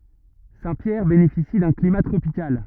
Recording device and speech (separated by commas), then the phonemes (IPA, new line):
rigid in-ear microphone, read sentence
sɛ̃tpjɛʁ benefisi dœ̃ klima tʁopikal